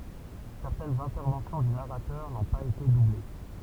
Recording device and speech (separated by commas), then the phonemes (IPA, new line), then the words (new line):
temple vibration pickup, read sentence
sɛʁtɛnz ɛ̃tɛʁvɑ̃sjɔ̃ dy naʁatœʁ nɔ̃ paz ete duble
Certaines interventions du narrateur n'ont pas été doublées.